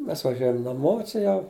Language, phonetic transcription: Lithuanian, ˈmes vaˈžiuojam naˈmo čia ˈjau

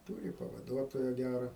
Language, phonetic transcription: Lithuanian, ˈtūri pavaˈduotoja ˈgæra

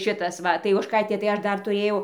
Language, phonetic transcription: Lithuanian, ˈšitas ˈva tai ožˈkaitė tai ˈaš ˈdar tuˈrėjau

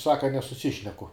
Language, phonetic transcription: Lithuanian, ˈsaka nesuˈsišneku

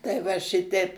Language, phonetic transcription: Lithuanian, tai ˈva ˈšiteip

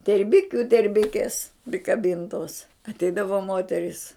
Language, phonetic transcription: Lithuanian, terˈbikiu terˈbikes prikaˈbintos atˈeidavo ˈmoterys

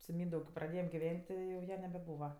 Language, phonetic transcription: Lithuanian, su ˈmyndaug kėp praˈdėjem giˈven't' ˈti jau ˈja nebeˈbūva

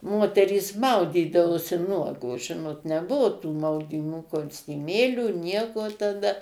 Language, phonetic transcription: Lithuanian, ˈmoterys ˈmaudydavosi ˈnuogos ˈžinot neˈbuvu tų maudyˈmų kostiˈmėlių ˈnieko taˈda

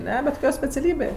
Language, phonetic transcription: Lithuanian, ˈne bet koˈkio speciaˈlybė

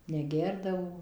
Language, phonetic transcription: Lithuanian, neˈgerdavo

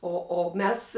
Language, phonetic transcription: Lithuanian, o o ˈmes

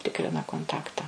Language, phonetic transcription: Lithuanian, ˈtikrina konˈtakta

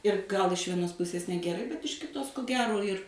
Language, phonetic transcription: Lithuanian, ir ˈgal iš vieˈnos puˈsės negeˈrai bet iš kiˈtos ko ˈgero ir

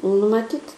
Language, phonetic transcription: Lithuanian, nu maˈtyt

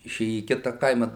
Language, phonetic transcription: Lithuanian, iˈšėja į ˈkita ˈkaima

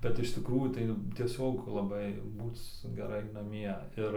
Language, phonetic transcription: Lithuanian, bet iš tikˈrųjų tai tieˈsiog laˈbai ˈbūc geˈrai naˈmie ir

